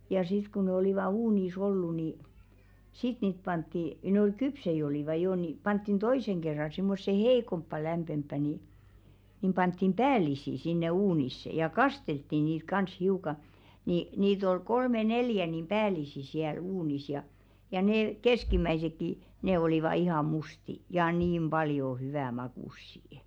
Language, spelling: Finnish, ja sitten kun ne olivat uunissa ollut niin sitten niitä pantiin ne oli kypsiä olivat jo niin pantiin toisen kerran semmoiseen heikompaan lämpimämpään niin niin pantiin päällisin sinne uuniin ja kasteltiin niitä kanssa hiukan niin niitä oli kolme neljä niin päällisin siellä uunissa ja ja ne keskimmäisetkin ne olivat ihan mustia ja niin paljon hyvän makuisia
- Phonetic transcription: ja sit ku ne olìva 'uunìs ‿ollu ni , 'sit niit 'pantti , nᵉ ‿ol "kypsei olìva 'jò ni , 'panttin "toiseŋ ɢerra simmosse "hei̬komppa 'lämpemppä ni , nim 'panttim "päälisi sinne 'uunisse ja "kasteltti niit 'kans hiuka , ni niit ‿ol 'kolme "neljä nim 'päälisi siäl 'uunis ja , ja nè 'keskim̆mäisekki , ne ol̀iva ihà "musti , ja niim "ʙaljo 'hyvä makùssi₍ᵊ .

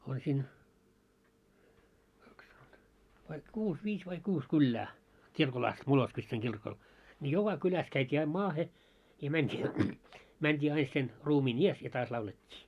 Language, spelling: Finnish, on siinä kaksi vai kuusi viisi vai kuusi kylää kirkolla asti Moloskovitsan kirkolla niin joka kylässä käytiin aina maahan ja mentiin mentiin aina sen ruumiin edessä ja taas laulettiin
- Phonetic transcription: on siin , kaks , vai 'kuus , 'viis vai 'kuus 'kyllää , 'kirkol 'ast 'Moloskvitsaŋ 'kirkol , ńi 'joka 'kyläs käit́ii aim "maahe , ja mänt́ii , mänt́ii 'ain sen , 'ruumiin "ies ja 'taas laulet́t́ii .

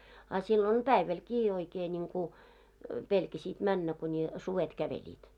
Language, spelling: Finnish, a silloin päivälläkin oikein niin kuin pelkäsit mennä kuni sudet kävelivät
- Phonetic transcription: a sillon , 'päivälkii 'oikee niŋku , 'pelkäsiit 'männä kuńi , 'suvet 'käveĺiit .

